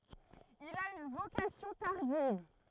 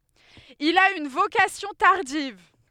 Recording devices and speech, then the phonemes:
throat microphone, headset microphone, read sentence
il a yn vokasjɔ̃ taʁdiv

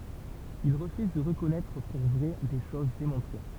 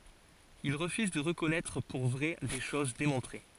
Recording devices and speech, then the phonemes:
temple vibration pickup, forehead accelerometer, read sentence
il ʁəfyz də ʁəkɔnɛtʁ puʁ vʁɛ de ʃoz demɔ̃tʁe

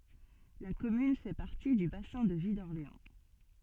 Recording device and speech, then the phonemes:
soft in-ear microphone, read sentence
la kɔmyn fɛ paʁti dy basɛ̃ də vi dɔʁleɑ̃

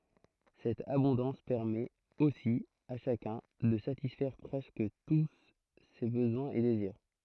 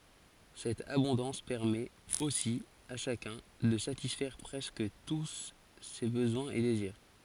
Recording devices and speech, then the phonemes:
throat microphone, forehead accelerometer, read sentence
sɛt abɔ̃dɑ̃s pɛʁmɛt osi a ʃakœ̃ də satisfɛʁ pʁɛskə tu se bəzwɛ̃z e deziʁ

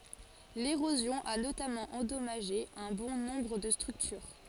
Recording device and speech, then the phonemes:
forehead accelerometer, read sentence
leʁozjɔ̃ a notamɑ̃ ɑ̃dɔmaʒe œ̃ bɔ̃ nɔ̃bʁ də stʁyktyʁ

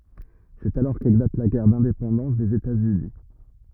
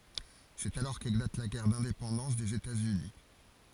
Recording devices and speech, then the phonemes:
rigid in-ear microphone, forehead accelerometer, read sentence
sɛt alɔʁ keklat la ɡɛʁ dɛ̃depɑ̃dɑ̃s dez etatsyni

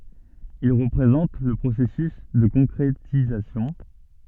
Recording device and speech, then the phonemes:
soft in-ear microphone, read sentence
il ʁəpʁezɑ̃t lə pʁosɛsys də kɔ̃kʁetizasjɔ̃

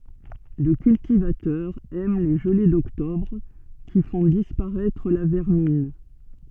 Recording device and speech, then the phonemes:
soft in-ear microphone, read sentence
lə kyltivatœʁ ɛm le ʒəle dɔktɔbʁ ki fɔ̃ dispaʁɛtʁ la vɛʁmin

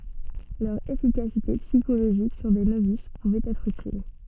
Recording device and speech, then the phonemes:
soft in-ear microphone, read sentence
lœʁ efikasite psikoloʒik syʁ de novis puvɛt ɛtʁ ytil

